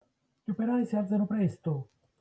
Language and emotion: Italian, neutral